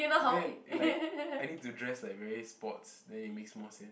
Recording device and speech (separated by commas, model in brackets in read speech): boundary microphone, conversation in the same room